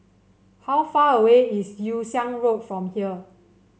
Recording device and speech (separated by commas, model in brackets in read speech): mobile phone (Samsung C7), read sentence